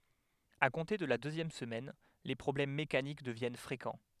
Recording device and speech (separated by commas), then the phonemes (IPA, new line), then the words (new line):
headset microphone, read sentence
a kɔ̃te də la døzjɛm səmɛn le pʁɔblɛm mekanik dəvjɛn fʁekɑ̃
À compter de la deuxième semaine les problèmes mécaniques deviennent fréquents.